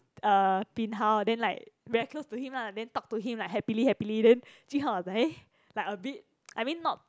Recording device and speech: close-talking microphone, conversation in the same room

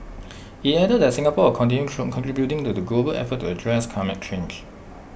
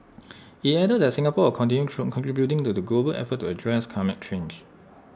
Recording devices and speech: boundary microphone (BM630), standing microphone (AKG C214), read sentence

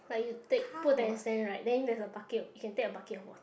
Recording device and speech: boundary microphone, conversation in the same room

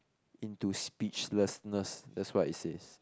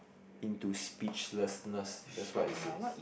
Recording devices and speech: close-talking microphone, boundary microphone, conversation in the same room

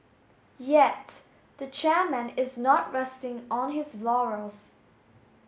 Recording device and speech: mobile phone (Samsung S8), read sentence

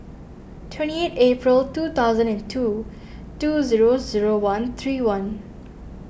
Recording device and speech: boundary microphone (BM630), read sentence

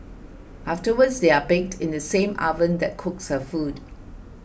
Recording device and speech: boundary microphone (BM630), read sentence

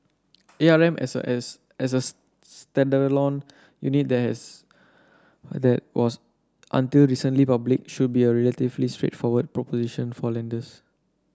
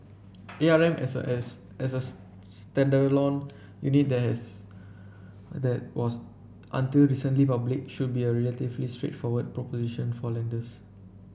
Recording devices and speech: standing microphone (AKG C214), boundary microphone (BM630), read sentence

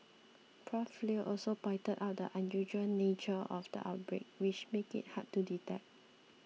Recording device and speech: mobile phone (iPhone 6), read sentence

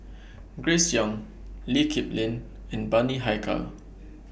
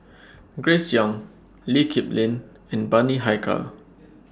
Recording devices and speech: boundary microphone (BM630), standing microphone (AKG C214), read sentence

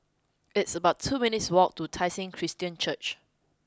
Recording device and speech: close-talking microphone (WH20), read sentence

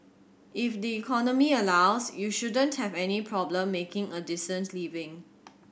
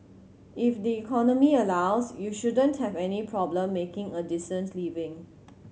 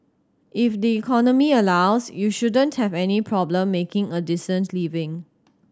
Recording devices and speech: boundary microphone (BM630), mobile phone (Samsung C7100), standing microphone (AKG C214), read sentence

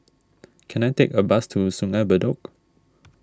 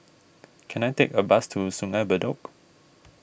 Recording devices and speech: standing microphone (AKG C214), boundary microphone (BM630), read sentence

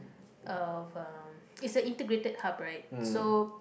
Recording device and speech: boundary microphone, conversation in the same room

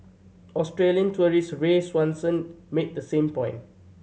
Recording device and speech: mobile phone (Samsung C7100), read sentence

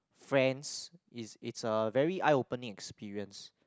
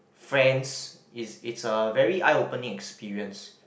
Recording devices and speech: close-talking microphone, boundary microphone, conversation in the same room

